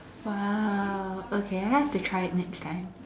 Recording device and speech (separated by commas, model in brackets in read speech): standing microphone, conversation in separate rooms